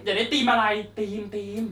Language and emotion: Thai, happy